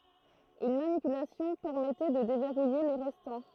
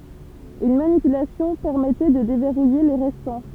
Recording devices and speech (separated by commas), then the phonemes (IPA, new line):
throat microphone, temple vibration pickup, read sentence
yn manipylasjɔ̃ pɛʁmɛtɛ də devɛʁuje le ʁɛstɑ̃